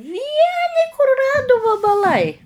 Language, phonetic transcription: Lithuanian, ˈvieni kuruˈradu vabaˈlai

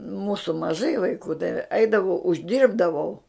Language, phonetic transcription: Lithuanian, ˈmūsu maˈžai vaiˈkų tai ˈeidavau užˈdyrbdavau

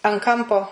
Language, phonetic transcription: Lithuanian, an ˈkampo

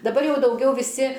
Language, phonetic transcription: Lithuanian, daˈbar ˈjau dauˈgiau viˈsi

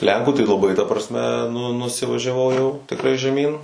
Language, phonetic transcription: Lithuanian, ˈlenkų tai laˈbai ta prasˈme nu nusivažiaˈvau jau tikˈrai žeˈmyn

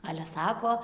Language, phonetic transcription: Lithuanian, ˈale ˈsako

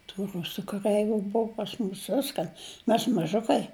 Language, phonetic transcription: Lithuanian, tų ˈrusu kaˈreiviu ˈbuvu pas ˈmūs ˈviskan ˈmes maˈžukai

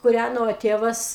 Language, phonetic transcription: Lithuanian, kuˈræno ˈtėvas

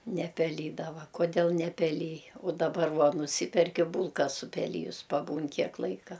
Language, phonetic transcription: Lithuanian, nepeˈlydava koˈdėl nepeˈlij u daˈbar ˈvuo nuˈsyperki ˈbūlka supeˈlyjus paˈbūn ˈkiek ˈlaika

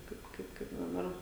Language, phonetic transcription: Lithuanian, ˈkaip ˈkaip kaip daˈbar

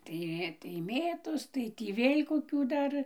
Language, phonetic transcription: Lithuanian, ˈtai tai ˈmėtos ˈtai tį ˈvėl' koˈkių ˈdar

